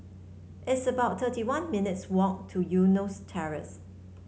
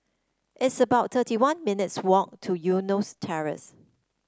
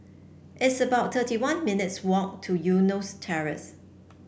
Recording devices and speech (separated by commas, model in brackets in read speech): mobile phone (Samsung C7), standing microphone (AKG C214), boundary microphone (BM630), read sentence